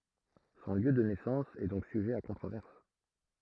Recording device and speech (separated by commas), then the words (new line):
throat microphone, read sentence
Son lieu de naissance est donc sujet à controverse.